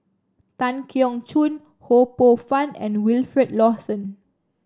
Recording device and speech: standing microphone (AKG C214), read sentence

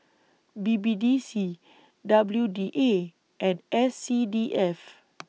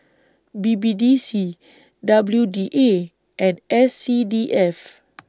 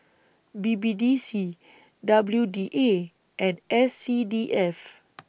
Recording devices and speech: mobile phone (iPhone 6), standing microphone (AKG C214), boundary microphone (BM630), read sentence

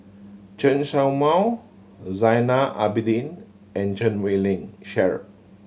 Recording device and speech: mobile phone (Samsung C7100), read sentence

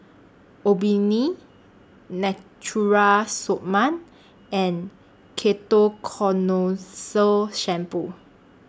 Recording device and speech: standing microphone (AKG C214), read sentence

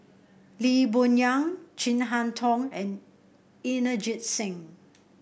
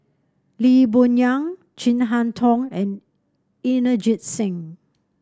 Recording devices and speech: boundary microphone (BM630), standing microphone (AKG C214), read sentence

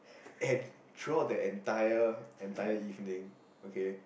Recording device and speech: boundary microphone, conversation in the same room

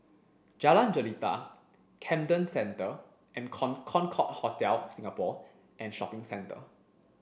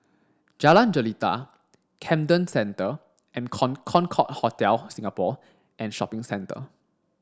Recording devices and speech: boundary microphone (BM630), standing microphone (AKG C214), read sentence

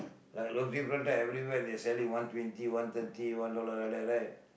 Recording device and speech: boundary microphone, conversation in the same room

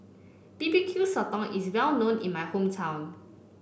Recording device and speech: boundary microphone (BM630), read sentence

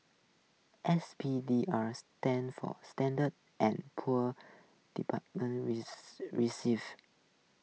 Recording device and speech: mobile phone (iPhone 6), read sentence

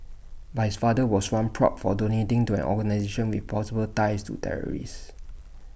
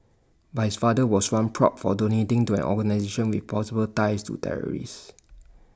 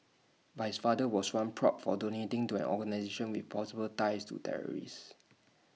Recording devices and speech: boundary microphone (BM630), standing microphone (AKG C214), mobile phone (iPhone 6), read sentence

